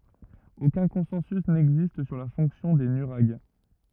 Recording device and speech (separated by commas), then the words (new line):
rigid in-ear microphone, read sentence
Aucun consensus n'existe sur la fonction des nuraghes.